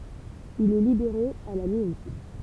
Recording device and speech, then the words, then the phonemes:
temple vibration pickup, read sentence
Il est libéré à la mi-août.
il ɛ libeʁe a la mi ut

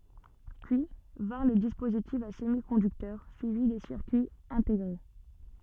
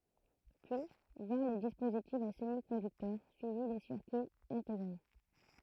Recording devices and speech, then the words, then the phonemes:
soft in-ear microphone, throat microphone, read sentence
Puis, vinrent les dispositifs à semi-conducteurs, suivis des circuits intégrés.
pyi vɛ̃ʁ le dispozitifz a səmikɔ̃dyktœʁ syivi de siʁkyiz ɛ̃teɡʁe

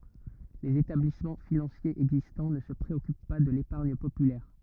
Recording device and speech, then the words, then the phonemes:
rigid in-ear microphone, read sentence
Les établissements financiers existants ne se préoccupent pas de l'épargne populaire.
lez etablismɑ̃ finɑ̃sjez ɛɡzistɑ̃ nə sə pʁeɔkyp pa də lepaʁɲ popylɛʁ

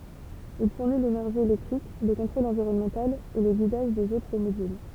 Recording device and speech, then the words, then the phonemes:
temple vibration pickup, read sentence
Il fournit l'énergie électrique, le contrôle environnemental et le guidage des autres modules.
il fuʁni lenɛʁʒi elɛktʁik lə kɔ̃tʁol ɑ̃viʁɔnmɑ̃tal e lə ɡidaʒ dez otʁ modyl

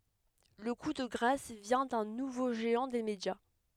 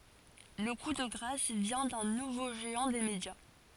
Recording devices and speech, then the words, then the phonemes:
headset microphone, forehead accelerometer, read sentence
Le coup de grâce vient d'un nouveau géant des médias.
lə ku də ɡʁas vjɛ̃ dœ̃ nuvo ʒeɑ̃ de medja

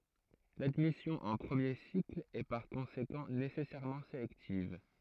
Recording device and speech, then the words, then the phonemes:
throat microphone, read sentence
L'admission en premier cycle est par conséquent nécessairement sélective.
ladmisjɔ̃ ɑ̃ pʁəmje sikl ɛ paʁ kɔ̃sekɑ̃ nesɛsɛʁmɑ̃ selɛktiv

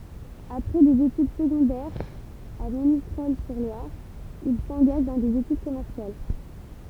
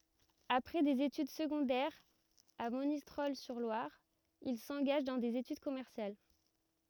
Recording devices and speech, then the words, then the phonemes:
temple vibration pickup, rigid in-ear microphone, read sentence
Après des études secondaires à Monistrol-sur-Loire, il s'engage dans des études commerciales.
apʁɛ dez etyd səɡɔ̃dɛʁz a monistʁɔl syʁ lwaʁ il sɑ̃ɡaʒ dɑ̃ dez etyd kɔmɛʁsjal

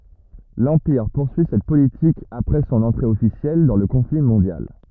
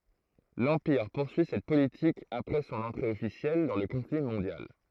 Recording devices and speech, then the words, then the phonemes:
rigid in-ear microphone, throat microphone, read sentence
L'Empire poursuit cette politique après son entrée officielle dans le conflit mondial.
lɑ̃piʁ puʁsyi sɛt politik apʁɛ sɔ̃n ɑ̃tʁe ɔfisjɛl dɑ̃ lə kɔ̃fli mɔ̃djal

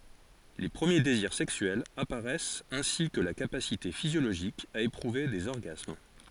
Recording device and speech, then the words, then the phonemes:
forehead accelerometer, read sentence
Les premiers désirs sexuels apparaissent ainsi que la capacité physiologique à éprouver des orgasmes.
le pʁəmje deziʁ sɛksyɛlz apaʁɛst ɛ̃si kə la kapasite fizjoloʒik a epʁuve dez ɔʁɡasm

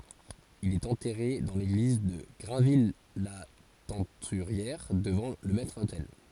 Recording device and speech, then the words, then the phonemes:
forehead accelerometer, read sentence
Il est enterré dans l'église de Grainville-la-Teinturière, devant le maître-autel.
il ɛt ɑ̃tɛʁe dɑ̃ leɡliz də ɡʁɛ̃vijlatɛ̃tyʁjɛʁ dəvɑ̃ lə mɛtʁotɛl

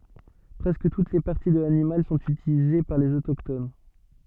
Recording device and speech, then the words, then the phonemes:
soft in-ear microphone, read sentence
Presque toutes les parties de l'animal sont utilisées par les autochtones.
pʁɛskə tut le paʁti də lanimal sɔ̃t ytilize paʁ lez otokton

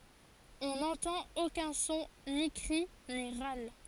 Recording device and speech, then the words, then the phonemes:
forehead accelerometer, read sentence
On n'entend aucun son, ni cri, ni râle.
ɔ̃ nɑ̃tɑ̃t okœ̃ sɔ̃ ni kʁi ni ʁal

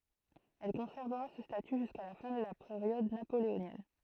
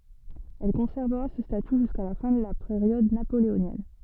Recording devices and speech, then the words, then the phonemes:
throat microphone, soft in-ear microphone, read sentence
Elle conservera ce statut jusqu'à la fin de la période napoléonienne.
ɛl kɔ̃sɛʁvəʁa sə staty ʒyska la fɛ̃ də la peʁjɔd napoleonjɛn

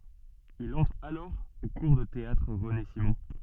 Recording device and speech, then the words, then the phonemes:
soft in-ear microphone, read sentence
Il entre alors au cours de théâtre René Simon.
il ɑ̃tʁ alɔʁ o kuʁ də teatʁ ʁəne simɔ̃

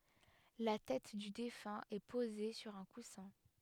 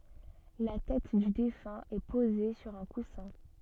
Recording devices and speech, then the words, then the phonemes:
headset microphone, soft in-ear microphone, read sentence
La tête du défunt est posée sur un coussin.
la tɛt dy defœ̃ ɛ poze syʁ œ̃ kusɛ̃

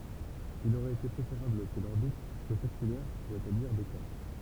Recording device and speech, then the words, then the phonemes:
temple vibration pickup, read sentence
Il aurait été préférable que l'orbite soit circulaire pour établir des cartes.
il oʁɛt ete pʁefeʁabl kə lɔʁbit swa siʁkylɛʁ puʁ etabliʁ de kaʁt

